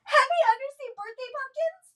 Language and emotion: English, sad